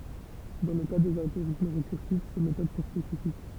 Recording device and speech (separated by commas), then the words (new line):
temple vibration pickup, read sentence
Dans le cas des algorithmes récursifs, ces méthodes sont spécifiques.